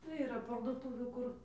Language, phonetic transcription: Lithuanian, tai yˈra parduˈtūvių ˈkur

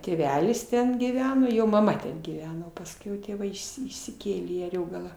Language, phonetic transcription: Lithuanian, tėˈvelis ˈten gyˈveno ˈjo maˈma ten gyˈveno pasˈkiau tėˈvai išˈsi išsiˈkėlė į aˈriogalą

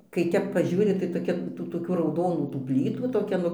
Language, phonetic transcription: Lithuanian, kai ˈtep paˈžiūri tai toˈkia tų toˈkių rauˈdonų tų ˈplytų toˈkia nu

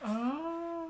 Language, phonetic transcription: Lithuanian, ˈa

